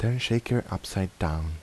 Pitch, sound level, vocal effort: 95 Hz, 77 dB SPL, soft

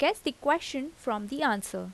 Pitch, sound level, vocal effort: 275 Hz, 83 dB SPL, normal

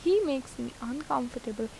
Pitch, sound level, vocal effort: 250 Hz, 82 dB SPL, normal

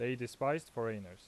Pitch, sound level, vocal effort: 120 Hz, 87 dB SPL, loud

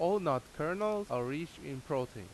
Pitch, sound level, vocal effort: 145 Hz, 88 dB SPL, loud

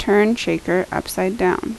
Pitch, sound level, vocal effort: 185 Hz, 77 dB SPL, normal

